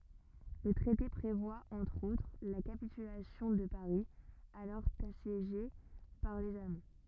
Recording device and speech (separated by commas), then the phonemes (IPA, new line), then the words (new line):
rigid in-ear microphone, read sentence
lə tʁɛte pʁevwa ɑ̃tʁ otʁ la kapitylasjɔ̃ də paʁi alɔʁ asjeʒe paʁ lez almɑ̃
Le traité prévoit entre autres la capitulation de Paris, alors assiégé par les Allemands.